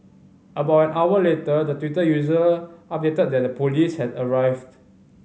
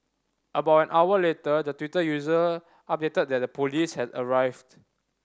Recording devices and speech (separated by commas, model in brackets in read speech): mobile phone (Samsung C5010), standing microphone (AKG C214), read sentence